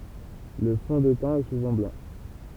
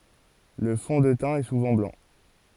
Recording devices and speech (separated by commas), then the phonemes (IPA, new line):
temple vibration pickup, forehead accelerometer, read sentence
lə fɔ̃ də tɛ̃ ɛ suvɑ̃ blɑ̃